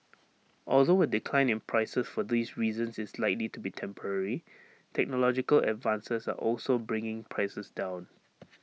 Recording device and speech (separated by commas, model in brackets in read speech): mobile phone (iPhone 6), read sentence